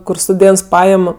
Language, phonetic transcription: Lithuanian, kur stuˈdėnts ˈpajam

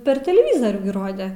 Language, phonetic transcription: Lithuanian, per teleˈvyzorių gi ˈrode

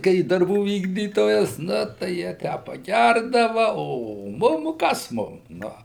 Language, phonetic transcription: Lithuanian, ˈkai darˈbų ˈvykdytojas ˈnu tai jie ˈtę paˈgærdava o ˈmum ˈkas ˈmum ˈnu

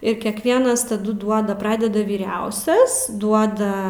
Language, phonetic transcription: Lithuanian, ir kekˈvienas taˈdu ˈduoda ˈpradeda vyˈriausias ˈduoda

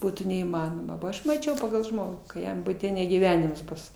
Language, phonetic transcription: Lithuanian, ˈbūtų neįˈmanoma bo ˈaš maˈčiau pagal ˈžmogų ka ˈjam buˈte ne gyˈvenims ˈbus

